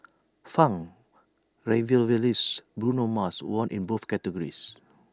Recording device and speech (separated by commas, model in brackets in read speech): standing microphone (AKG C214), read sentence